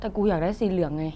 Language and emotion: Thai, frustrated